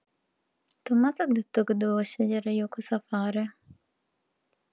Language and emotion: Italian, sad